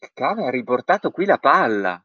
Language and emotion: Italian, surprised